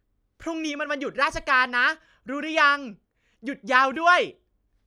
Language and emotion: Thai, happy